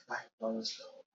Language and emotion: English, fearful